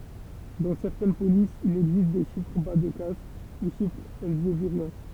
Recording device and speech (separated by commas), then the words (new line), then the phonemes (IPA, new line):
temple vibration pickup, read sentence
Dans certaines polices, il existe des chiffres bas-de-casse, ou chiffres elzéviriens.
dɑ̃ sɛʁtɛn polisz il ɛɡzist de ʃifʁ ba də kas u ʃifʁz ɛlzeviʁjɛ̃